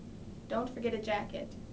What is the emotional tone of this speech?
neutral